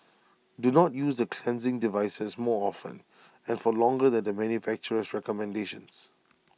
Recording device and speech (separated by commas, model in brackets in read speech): mobile phone (iPhone 6), read sentence